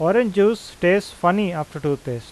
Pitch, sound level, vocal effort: 175 Hz, 90 dB SPL, normal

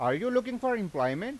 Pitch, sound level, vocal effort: 250 Hz, 95 dB SPL, loud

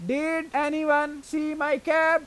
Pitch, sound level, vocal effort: 300 Hz, 96 dB SPL, very loud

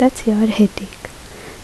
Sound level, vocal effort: 70 dB SPL, soft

